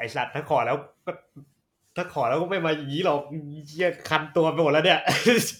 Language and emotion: Thai, happy